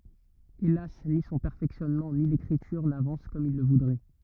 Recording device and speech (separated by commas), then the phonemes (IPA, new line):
rigid in-ear microphone, read sentence
elas ni sɔ̃ pɛʁfɛksjɔnmɑ̃ ni lekʁityʁ navɑ̃s kɔm il lə vudʁɛ